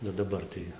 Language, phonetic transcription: Lithuanian, nu daˈbar tai

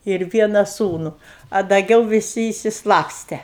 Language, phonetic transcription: Lithuanian, ir ˈviena ˈsūnu a daˈgiau viˈsi išsiˈslapste

